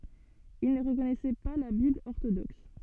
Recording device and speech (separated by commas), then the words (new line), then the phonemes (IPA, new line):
soft in-ear microphone, read sentence
Ils ne reconnaissaient pas la Bible orthodoxe.
il nə ʁəkɔnɛsɛ pa la bibl ɔʁtodɔks